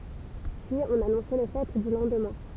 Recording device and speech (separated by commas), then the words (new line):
temple vibration pickup, read sentence
Puis on annonçait les fêtes du lendemain.